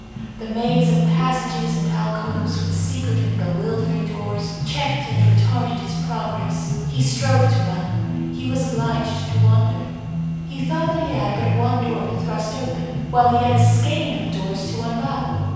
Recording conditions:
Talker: one person; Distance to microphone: 7.1 m; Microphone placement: far; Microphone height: 1.7 m; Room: very reverberant, large; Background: music

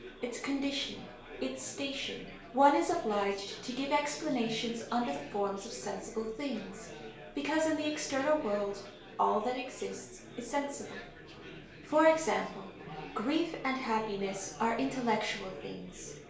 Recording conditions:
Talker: one person; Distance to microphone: 1.0 m; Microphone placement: close; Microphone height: 1.1 m; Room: small (3.7 m by 2.7 m); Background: babble

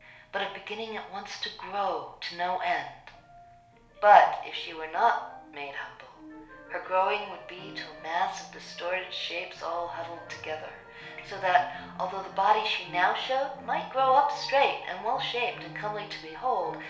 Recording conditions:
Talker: one person; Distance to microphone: 1.0 m; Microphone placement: close; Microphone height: 1.1 m; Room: small (3.7 m by 2.7 m); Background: music

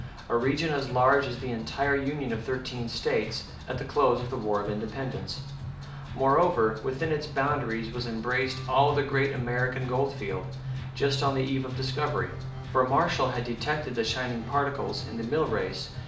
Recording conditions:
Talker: one person; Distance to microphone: 2.0 m; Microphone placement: close; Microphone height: 99 cm; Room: medium-sized (5.7 m by 4.0 m); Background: music

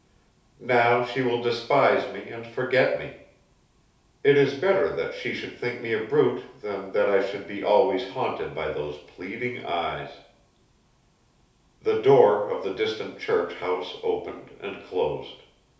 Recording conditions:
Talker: one person; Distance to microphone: 3.0 m; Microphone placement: far; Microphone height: 1.8 m; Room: small (3.7 m by 2.7 m); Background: none

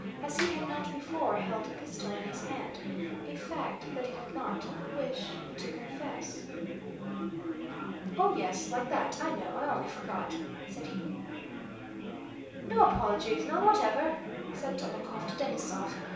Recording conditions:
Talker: one person; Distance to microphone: 3.0 m; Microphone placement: far; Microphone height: 1.8 m; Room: small (3.7 m by 2.7 m); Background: babble

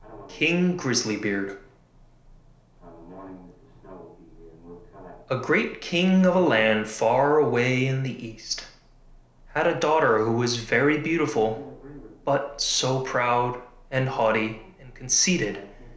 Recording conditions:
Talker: one person; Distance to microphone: 1.0 m; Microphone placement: close; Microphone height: 1.1 m; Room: small (3.7 m by 2.7 m); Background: television

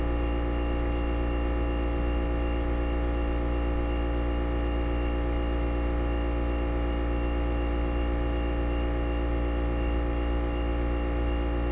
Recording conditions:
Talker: no one; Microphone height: 97 cm; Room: very reverberant, large; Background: none

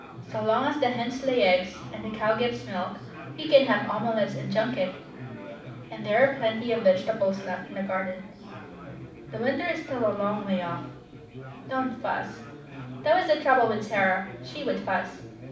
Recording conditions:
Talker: one person; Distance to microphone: 5.8 m; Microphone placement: far; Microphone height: 1.8 m; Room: medium-sized (5.7 m by 4.0 m); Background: babble

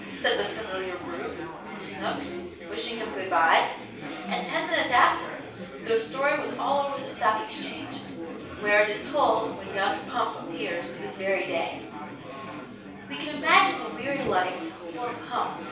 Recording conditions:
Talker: one person; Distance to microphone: 3.0 m; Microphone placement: far; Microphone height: 1.8 m; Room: small (3.7 m by 2.7 m); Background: babble

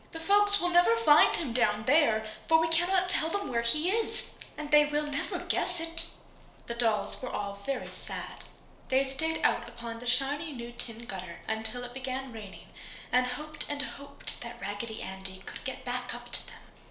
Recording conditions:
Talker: one person; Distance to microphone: 1.0 m; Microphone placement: close; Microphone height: 1.1 m; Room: small (3.7 m by 2.7 m); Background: none

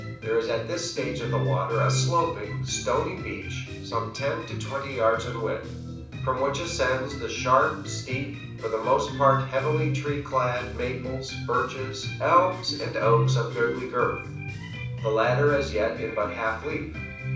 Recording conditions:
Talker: one person; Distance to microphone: 5.8 m; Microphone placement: far; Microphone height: 1.8 m; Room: medium-sized (5.7 m by 4.0 m); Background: music

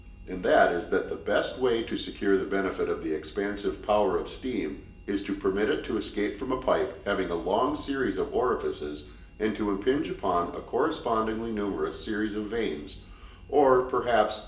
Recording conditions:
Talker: one person; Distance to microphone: 1.8 m; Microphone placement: close; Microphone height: 1.0 m; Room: large; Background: none

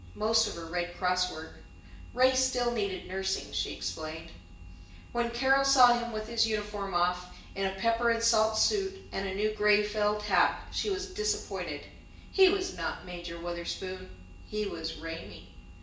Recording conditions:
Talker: one person; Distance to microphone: 1.8 m; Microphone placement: close; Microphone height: 1.0 m; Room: large; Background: none

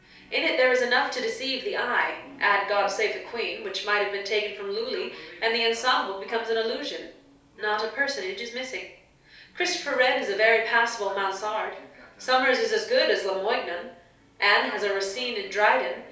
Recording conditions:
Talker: one person; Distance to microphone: 3.0 m; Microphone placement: far; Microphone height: 1.8 m; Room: small (3.7 m by 2.7 m); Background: television

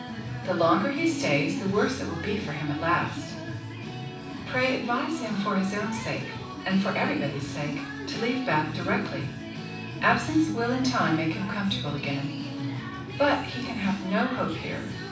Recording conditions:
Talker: one person; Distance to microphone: 5.8 m; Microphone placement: far; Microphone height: 1.8 m; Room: medium-sized (5.7 m by 4.0 m); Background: music

